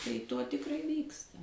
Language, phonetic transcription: Lithuanian, tai ˈto tikˈrai ˈvyksta

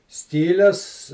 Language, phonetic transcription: Lithuanian, ˈskyles

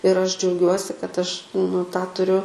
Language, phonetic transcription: Lithuanian, ir ˈaš džiauˈgiuosi kad ˈaš nu tą tuˈriu

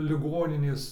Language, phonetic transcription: Lithuanian, liˈgoninės

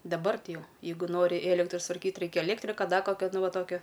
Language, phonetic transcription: Lithuanian, daˈbar ˈti ˈjau ˈjeigu ˈnori ˈėlektra sutvarˈkyt ˈreikia eˈlėktrika ˈda ˈkokio ˈnu ˈva ˈtokio

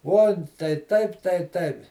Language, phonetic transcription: Lithuanian, ˈuon tai ˈtaip tai ˈtaip

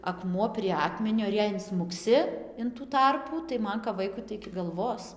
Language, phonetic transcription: Lithuanian, aˈkmuo prie ˈakmenio ir ˈjei insmukˈsi in tų ˈtarpų tai ˈman kap ˈvaiku tai iki galˈvos

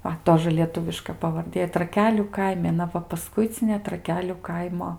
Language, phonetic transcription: Lithuanian, ˈva ˈtožə lieˈtuviška pavarˈdė traˈkelių ˈkaimi aˈna va paˈskuicinė traˈkeliu ˈkaimo

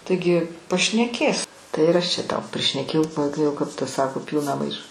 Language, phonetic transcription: Lithuanian, taiˈgi pašneˈkės ˈtai ir ˈaš čia ˈtau prišneˈkėjau kai ˈjau kap ˈta ˈsako ˈpylna ˈmaiša

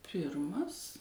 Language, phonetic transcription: Lithuanian, ˈpirmas

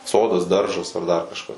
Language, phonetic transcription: Lithuanian, ˈsodas ˈdaržas ar ˈdar kažˈkas

